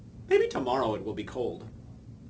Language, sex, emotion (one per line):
English
male
neutral